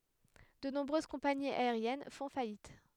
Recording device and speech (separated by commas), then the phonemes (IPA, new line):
headset microphone, read sentence
də nɔ̃bʁøz kɔ̃paniz aeʁjɛn fɔ̃ fajit